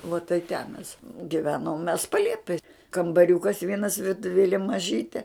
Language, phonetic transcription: Lithuanian, vo tai ten mes giˈvenom mes paˈliepej kambaˈriūkas ˈvienas virtuˈvėlė maˈžytė

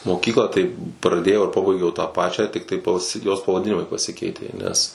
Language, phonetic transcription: Lithuanian, moˈkyklą tai praˈdėjau ir ˈpabaigiau tą ˈpačią ˈtiktai paˈsi jos pavaˈdinimai paˈsikeitė nes

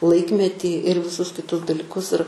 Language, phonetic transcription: Lithuanian, ˈlaikmetį ir viˈsus kiˈtus daliˈkus ir

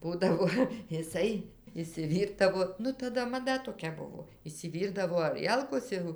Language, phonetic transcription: Lithuanian, ˈbūdavo iˈsai išsiˈvyrdavo ˈnu taˈda maˈda toˈkia ˈbuvo išsiˈvyrdavo aˈrielkos ˈjau

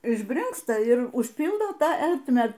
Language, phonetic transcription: Lithuanian, išˈbrinksta ir užˈpyldo ˈtą ˈertmę

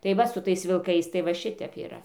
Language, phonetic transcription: Lithuanian, tai ˈva su ˈtais vilˈkais tai va ˈšitep yˈra

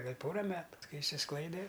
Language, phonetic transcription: Lithuanian, gal' ˈpora ˈmetu ˈkai išsisˈklaide

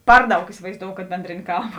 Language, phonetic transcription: Lithuanian, ˈpar ˌdaug isivaizˈdou kad ˈbendrėnė ˈkalba

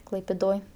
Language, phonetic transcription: Lithuanian, klaipėˈdoj

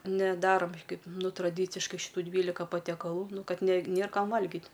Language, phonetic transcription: Lithuanian, neˈdarom ˈkaip ˈnu traˈdyciškai šiˈtų ˈdvylika patekaˈlų ˈnu ˈkad ne ˈnėr ˈkam ˈvalgit

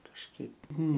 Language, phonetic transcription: Lithuanian, kažˈkaip ˈnu

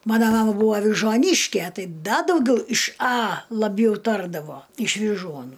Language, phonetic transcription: Lithuanian, ˈmana ˈmama ˈbuva avižuoˈnyške ˈtai ˈda dauˈgiau iš a laˈbjau ˈtardavo iš viˈžuonų

